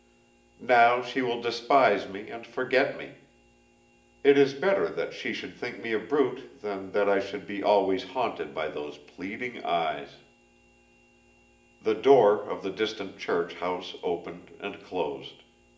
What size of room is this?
A large room.